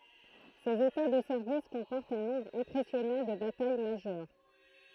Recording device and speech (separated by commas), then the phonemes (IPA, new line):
throat microphone, read sentence
sez eta də sɛʁvis kɔ̃pɔʁtt œ̃ nɔ̃bʁ ɛ̃pʁɛsjɔnɑ̃ də bataj maʒœʁ